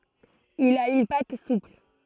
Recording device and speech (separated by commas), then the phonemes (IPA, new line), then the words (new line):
throat microphone, read sentence
il a yn pat supl
Il a une pâte souple.